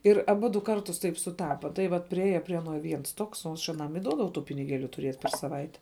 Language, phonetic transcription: Lithuanian, ir aˈbudu ˈkartus ˈtaip suˈtapa tai ˈvat priˈėja prie aˈno ˈviens ˈtoks o ˈaš aˈnam i ˈduodavau ˈtų piniˈgėliu tuˈrėt per saˈvaite

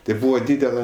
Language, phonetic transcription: Lithuanian, tai ˈbūva ˈdydela

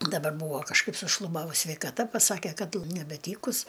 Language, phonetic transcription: Lithuanian, daˈbar ˈbūvo kažˈkaip sušluˈbavus sveikaˈta paˈsake ˈkad l nebeˈtykus

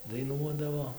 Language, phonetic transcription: Lithuanian, daiˈnuodavo

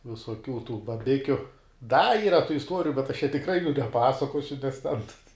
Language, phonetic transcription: Lithuanian, visoˈkių tų baˈbikiu da ˈyra tų isˈtuoriju bet aš čia tikˈrai jų neˈpasakosiu nes ten

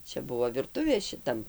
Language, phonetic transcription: Lithuanian, ˈčia ˈbuvo virˈtuvė šiˈtam

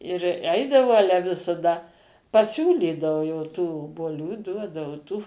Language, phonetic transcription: Lithuanian, ir ˈeidavau ˈale visaˈda paˈsiūlydavu jau tų obuoˈlių ˈduodavu tų

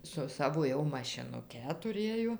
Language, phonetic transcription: Lithuanian, su ˈsavo jau mašinuˈke tuˈrėjo

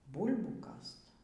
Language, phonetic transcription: Lithuanian, ˈbūl'bų ˈkast

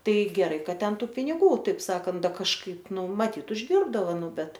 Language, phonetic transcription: Lithuanian, tai geˈrai ˈkad ˈten ˈtų piniˈgų ˈtaip ˈsakant ˈda kažˈkaip ˈnu maˈtyt užˈdirbdavo ˈnu ˈbet

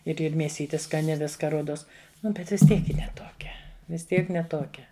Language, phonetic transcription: Lithuanian, ir ˈir mėˈsyti skaˈni ˈviska ˈruodos ˈnu ˈbet vis ˈtiek ˈji ne tuoˈkia vis ˈtiek ne ˈtokia

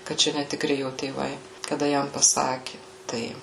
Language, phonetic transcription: Lithuanian, kaˈčia netiˈkri ˈjo tėˈvai kaˈda ˈjam paˈsaki ˈtai

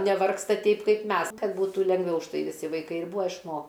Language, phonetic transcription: Lithuanian, neˈvargsta ˈteip ˈkaip ˈmes ˈkad ˈbūtų lenˈgviau užˈtai viˈsi vaiˈkai ir ˈbūa išˈmo

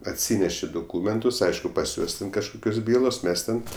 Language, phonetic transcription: Lithuanian, atˈsyneši doˈkūmentus ˈaišku pas ˈjuos ten kažˈkukios ˈbylos ˈmes ten

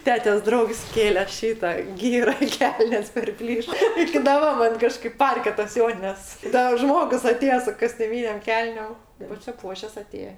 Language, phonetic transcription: Lithuanian, ˈtetės ˈdraugs ˈkėle ˈšyta ˈgyra i ˈkelnės perˈplyš iki daˈba ˈman ˈkažkaip ˈparke tas ˈjonines ˈdar ˈžmogus aˈtėja su kostiuˈmynėm ˈkelnėm pasiˈpuošes aˈtėje

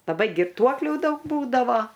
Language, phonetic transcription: Lithuanian, laˈbai girˈtuoklių ˈdaug ˈbūdavo

